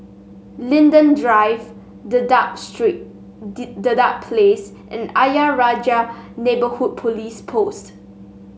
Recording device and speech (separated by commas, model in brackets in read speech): mobile phone (Samsung S8), read sentence